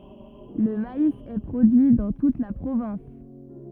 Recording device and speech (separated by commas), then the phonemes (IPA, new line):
rigid in-ear microphone, read sentence
lə mais ɛ pʁodyi dɑ̃ tut la pʁovɛ̃s